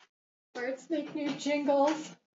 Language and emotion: English, fearful